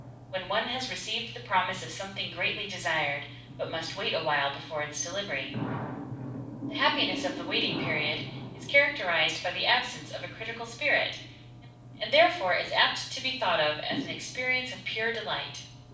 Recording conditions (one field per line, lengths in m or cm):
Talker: one person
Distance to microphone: 5.8 m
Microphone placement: far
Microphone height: 1.8 m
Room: medium-sized (5.7 m by 4.0 m)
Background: television